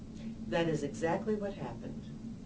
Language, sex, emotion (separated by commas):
English, female, neutral